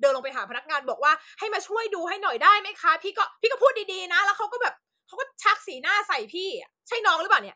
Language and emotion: Thai, angry